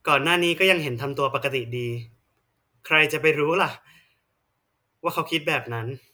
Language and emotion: Thai, frustrated